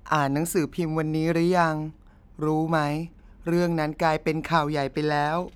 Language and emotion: Thai, sad